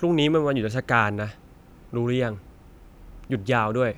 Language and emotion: Thai, frustrated